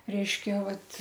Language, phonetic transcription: Lithuanian, ˈreiškia ˈvat

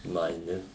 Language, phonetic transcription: Lithuanian, nuaiˈni

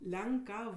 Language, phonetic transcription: Lithuanian, ˈlenˌkav

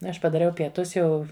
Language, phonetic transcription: Lithuanian, ˈaš padaˈriau pieˈtus ˈjau

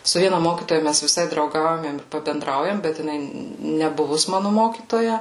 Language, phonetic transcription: Lithuanian, su ˈviena ˈmokytoja ˈmæs viˈsai drauˈgaujam im pabenˈdraujam bet jiˈnai neˈbuvus ˈmanu ˈmokytoja

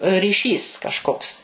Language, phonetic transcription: Lithuanian, ryˈšys kažˈkoks

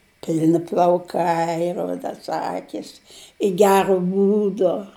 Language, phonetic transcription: Lithuanian, ˈpilni plauˈkai ˈrudas ˈakis i ˈgero ˈbūdo

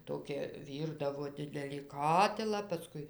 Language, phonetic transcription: Lithuanian, ˈtokia ˈvyrdavo ˈdidelį ˈkatilą paˈskui

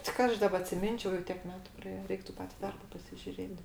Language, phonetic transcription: Lithuanian, ti ˈka aš ˈdaba atsiˈminčiau jau ˈtiek ˈmetu praˈėje ˈreiktu ˈpati ˈdarba pasižiuˈrėt

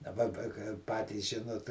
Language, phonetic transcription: Lithuanian, daˈba pa kai ˈpatys ˈžinot

